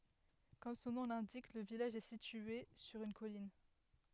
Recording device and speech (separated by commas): headset microphone, read sentence